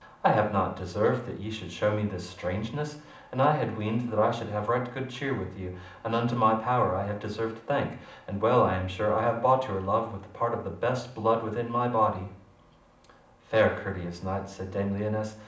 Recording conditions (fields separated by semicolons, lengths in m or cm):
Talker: one person; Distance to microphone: 2.0 m; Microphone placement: close; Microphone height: 99 cm; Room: medium-sized (5.7 m by 4.0 m); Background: none